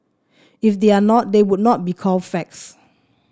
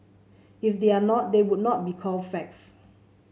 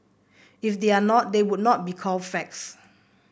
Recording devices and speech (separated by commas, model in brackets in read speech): standing microphone (AKG C214), mobile phone (Samsung C7), boundary microphone (BM630), read sentence